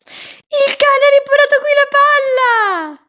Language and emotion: Italian, happy